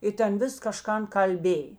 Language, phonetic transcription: Lithuanian, ˈi ten ˈvis kaˈžkan kalˈbėj

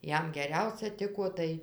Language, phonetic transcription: Lithuanian, ˈjam geˈriausia ˈtiko ˈtai

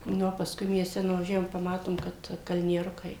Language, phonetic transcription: Lithuanian, ˈnu o pasˈkui miesˈte nuvaˈžiavom paˈmatom kad kalnieˈrukai

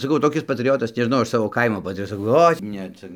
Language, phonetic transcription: Lithuanian, saˈkau toˈkis patriˈjotas nežiˈnau ˈaš ˈsavo ˈkaimo patriˈjotas saˈkau ˈoi ˈne ˈcia

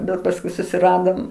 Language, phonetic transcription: Lithuanian, bet pasˈkui susiˈradom

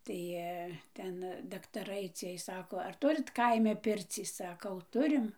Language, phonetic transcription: Lithuanian, ˈtai ˈten daktaˈrai ˈciej ˈsako ˈar ˈturit ˈkaime ˈpircį ˈsakau ˈturim

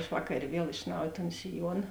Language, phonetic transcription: Lithuanian, aš ˈvakarė ˈviel iš ˈnauj ton siˈjuona

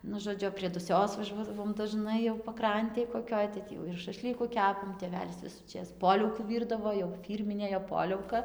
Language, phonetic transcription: Lithuanian, ˈnu žoˈdžiu prie duˈsios vaˈžuodavom daˈžnai jau paˈkrantėj koˈkioj tai ˈtį jau ir šaˈšlyku ˈkepam tėˈvelis visųˈčės ˈpoliaukų ˈvyrdavo jau ˈfyrminė jo ˈpoliauka

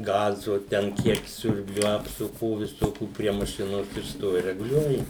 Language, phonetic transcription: Lithuanian, ˈgazu ten ˈkiek ˈsiurbliu apsuˈkų viˈsokių prie maˈšinos ir ˈstovi reguˈliuoji

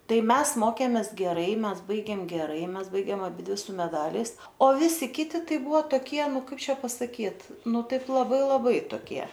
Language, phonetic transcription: Lithuanian, ˈtai ˈmes ˈmokėmės geˈrai ˈmes ˈbaigėm geˈrai ˈmes ˈbaigėm aˈbidvi su meˈdaliais o ˈvisi ˈkiti ˈtai ˈbuvo toˈkie ˈnu ˈkaip ˈčia pasaˈkyt ˈnu ˈtaip laˈbai laˈbai toˈkie

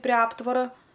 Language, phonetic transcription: Lithuanian, prė ˈaptvara

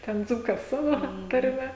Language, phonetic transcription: Lithuanian, ˈten ˈdzūkas ˈsavo tarˈme

